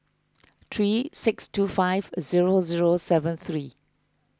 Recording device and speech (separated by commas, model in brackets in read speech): close-talking microphone (WH20), read sentence